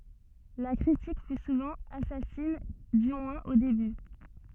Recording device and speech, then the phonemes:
soft in-ear microphone, read sentence
la kʁitik fy suvɑ̃ asasin dy mwɛ̃z o deby

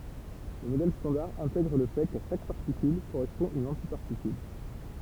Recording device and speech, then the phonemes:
temple vibration pickup, read sentence
lə modɛl stɑ̃daʁ ɛ̃tɛɡʁ lə fɛ ka ʃak paʁtikyl koʁɛspɔ̃ yn ɑ̃tipaʁtikyl

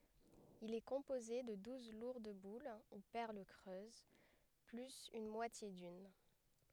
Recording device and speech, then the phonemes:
headset microphone, read sentence
il ɛ kɔ̃poze də duz luʁd bul u pɛʁl kʁøz plyz yn mwatje dyn

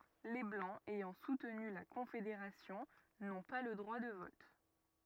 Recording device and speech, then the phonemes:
rigid in-ear microphone, read sentence
le blɑ̃z ɛjɑ̃ sutny la kɔ̃fedeʁasjɔ̃ nɔ̃ pa lə dʁwa də vɔt

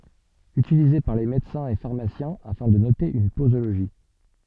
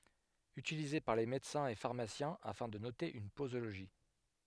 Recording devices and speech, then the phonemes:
soft in-ear microphone, headset microphone, read sentence
ytilize paʁ le medəsɛ̃z e faʁmasjɛ̃ afɛ̃ də note yn pozoloʒi

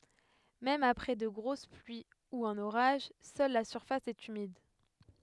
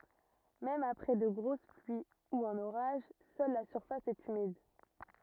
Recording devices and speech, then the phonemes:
headset microphone, rigid in-ear microphone, read sentence
mɛm apʁɛ də ɡʁos plyi u œ̃n oʁaʒ sœl la syʁfas ɛt ymid

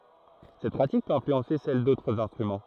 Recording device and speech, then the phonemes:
throat microphone, read sentence
sɛt pʁatik pøt ɛ̃flyɑ̃se sɛl dotʁz ɛ̃stʁymɑ̃

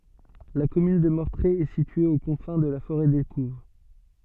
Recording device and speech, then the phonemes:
soft in-ear microphone, read sentence
la kɔmyn də mɔʁtʁe ɛ sitye o kɔ̃fɛ̃ də la foʁɛ dekuv

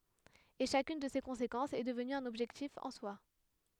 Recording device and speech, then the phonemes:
headset microphone, read sentence
e ʃakyn də se kɔ̃sekɑ̃sz ɛ dəvny œ̃n ɔbʒɛktif ɑ̃ swa

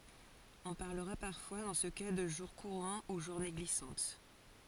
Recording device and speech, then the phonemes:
forehead accelerometer, read sentence
ɔ̃ paʁləʁa paʁfwa dɑ̃ sə ka də ʒuʁ kuʁɑ̃ u ʒuʁne ɡlisɑ̃t

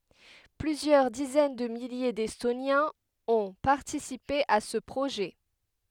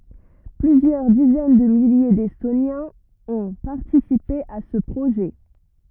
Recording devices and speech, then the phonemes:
headset microphone, rigid in-ear microphone, read sentence
plyzjœʁ dizɛn də milje dɛstonjɛ̃z ɔ̃ paʁtisipe a sə pʁoʒɛ

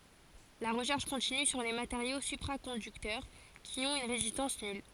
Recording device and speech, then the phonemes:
forehead accelerometer, read sentence
la ʁəʃɛʁʃ kɔ̃tiny syʁ le mateʁjo sypʁakɔ̃dyktœʁ ki ɔ̃t yn ʁezistɑ̃s nyl

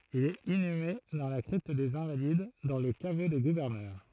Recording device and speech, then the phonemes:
throat microphone, read sentence
il ɛt inyme dɑ̃ la kʁipt dez ɛ̃valid dɑ̃ lə kavo de ɡuvɛʁnœʁ

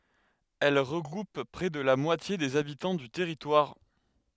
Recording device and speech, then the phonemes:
headset microphone, read sentence
ɛl ʁəɡʁup pʁɛ də la mwatje dez abitɑ̃ dy tɛʁitwaʁ

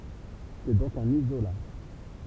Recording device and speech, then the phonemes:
temple vibration pickup, read sentence
sɛ dɔ̃k œ̃n izola

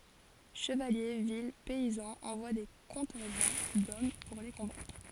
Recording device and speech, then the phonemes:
forehead accelerometer, read sentence
ʃəvalje vil pɛizɑ̃z ɑ̃vwa de kɔ̃tɛ̃ʒɑ̃ dɔm puʁ le kɔ̃batʁ

